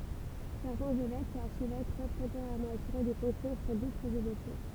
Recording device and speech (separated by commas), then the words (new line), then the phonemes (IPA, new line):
temple vibration pickup, read sentence
Certains évêques ou archevêques peuvent temporairement assurer des fonctions sur d'autres évêchés.
sɛʁtɛ̃z evɛk u aʁʃvɛk pøv tɑ̃poʁɛʁmɑ̃ asyʁe de fɔ̃ksjɔ̃ syʁ dotʁz evɛʃe